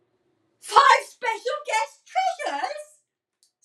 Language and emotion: English, surprised